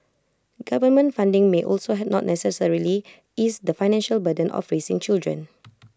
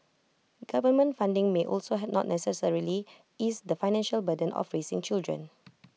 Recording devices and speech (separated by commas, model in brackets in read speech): close-talking microphone (WH20), mobile phone (iPhone 6), read sentence